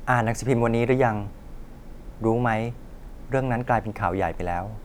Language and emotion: Thai, neutral